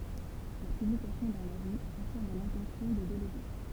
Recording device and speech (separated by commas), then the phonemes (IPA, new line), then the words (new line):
temple vibration pickup, read sentence
la pyblikasjɔ̃ dœ̃n avi afiʁm lɛ̃tɑ̃sjɔ̃ də deleɡe
La publication d'un avis affirme l’intention de déléguer.